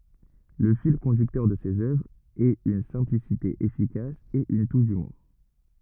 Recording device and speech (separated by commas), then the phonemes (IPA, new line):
rigid in-ear microphone, read sentence
lə fil kɔ̃dyktœʁ də sez œvʁz ɛt yn sɛ̃plisite efikas e yn tuʃ dymuʁ